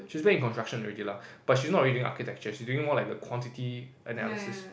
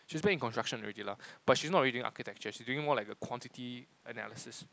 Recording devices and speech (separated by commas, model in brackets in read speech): boundary microphone, close-talking microphone, conversation in the same room